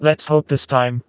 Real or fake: fake